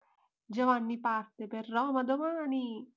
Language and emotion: Italian, happy